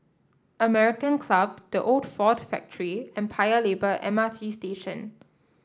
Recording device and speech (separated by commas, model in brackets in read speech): standing microphone (AKG C214), read sentence